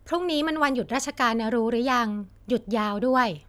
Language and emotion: Thai, neutral